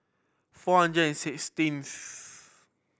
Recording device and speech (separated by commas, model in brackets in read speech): boundary microphone (BM630), read sentence